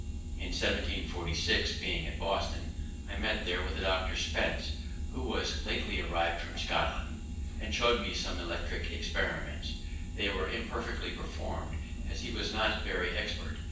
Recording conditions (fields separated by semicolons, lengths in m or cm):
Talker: one person; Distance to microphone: 9.8 m; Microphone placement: far; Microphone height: 1.8 m; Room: large; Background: none